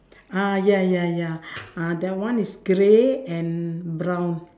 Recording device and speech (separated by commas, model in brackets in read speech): standing microphone, conversation in separate rooms